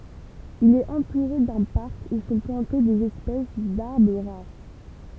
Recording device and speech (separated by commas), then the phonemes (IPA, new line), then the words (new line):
temple vibration pickup, read sentence
il ɛt ɑ̃tuʁe dœ̃ paʁk u sɔ̃ plɑ̃te dez ɛspɛs daʁbʁ ʁaʁ
Il est entouré d'un parc où sont plantées des espèces d'arbre rares.